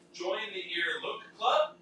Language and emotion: English, happy